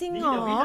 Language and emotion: Thai, happy